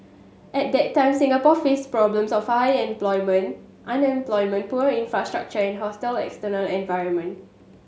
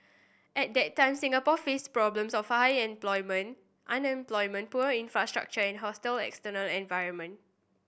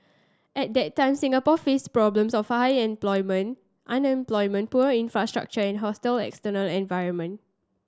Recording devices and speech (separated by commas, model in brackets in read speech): mobile phone (Samsung S8), boundary microphone (BM630), standing microphone (AKG C214), read sentence